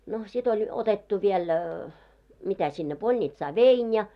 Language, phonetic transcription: Finnish, no sit ‿oĺ , 'otettu viel , mitä sinne 'polńitsaa "vein ja .
- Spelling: no sitten oli otettu vielä mitä sinne polnitsaan vein ja

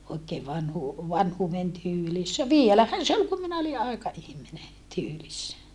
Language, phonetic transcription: Finnish, oikee vanhuu- , vanhuuven tyylissä vielähän se ol kum minä oli ʼaika₍ihmine , tyylissä .
- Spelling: oikein - vanhuuden tyylissä vielähän se oli kun minä olin aikaihminen tyylissä

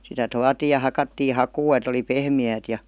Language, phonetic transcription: Finnish, sitä "tuatii ja 'hakattii "hakuu et ‿oli "pehmi₍äät ja .
- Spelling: sitä tuotiin ja hakattiin hakua että oli pehmeää ja

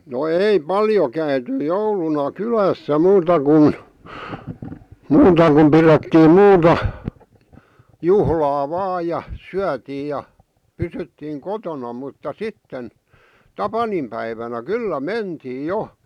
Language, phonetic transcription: Finnish, no 'ei "paljo käyty 'jouluna "kylässä 'muuta kun , 'muuta kum 'pirettiim 'muuta , 'juhlaa "vaaj ja , 'syätiij̆ ja , 'pysyttiiŋ "kotona mutta "sitten , "tapanimpäivänä "kyllä "mentiij̆ "jo .
- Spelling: no ei paljon käyty jouluna kylässä muuta kuin muuta kuin pidettiin muuta juhlaa vain ja syötiin ja pysyttiin kotona mutta sitten tapaninpäivänä kyllä mentiin jo

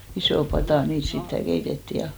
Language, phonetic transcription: Finnish, 'isò 'patà , 'niit sittä 'keitettì ja ,.
- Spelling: isoon pataan niitä sitten keitettiin ja

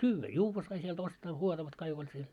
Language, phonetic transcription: Finnish, syyvvä "juuvva sai siel't ‿ostaa "huotavat 'kaik ‿oĺ siel .
- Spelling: syödä juoda sai sieltä ostaa juotavat kaikki oli siellä

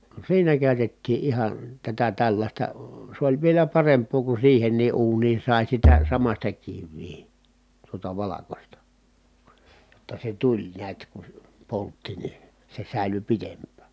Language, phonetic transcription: Finnish, siinä kä̀y̬tettii ʼihan , tätä tällaśta , s ‿oĺ vielä paremp̀oo ku siihen̆nii ʼuunii sài sitä , samaśta kivvii , tuota valakosta , ʲotta se tuĺ niät ku (se) , poltti ni , se sä̀ily pitemppä̀ .
- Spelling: siinä käytettiin ihan tätä tällaista se oli vielä parempaa kun siihenkin uuniin sai sitä samaista kiveä tuota valkoista jotta se tuli näet kun se poltti niin se säilyi pitempään

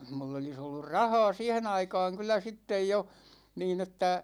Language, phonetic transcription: Finnish, 'mull ‿olis ollur "raha̭a̭ 'siihen ‿aikaaŋ kyl̆lä 'sittej jo , 'niin ‿että ,.
- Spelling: minulla olisi ollut rahaa siihen aikaan kyllä sitten jo niin että

